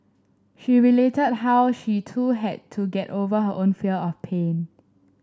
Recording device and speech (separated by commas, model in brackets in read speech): standing microphone (AKG C214), read sentence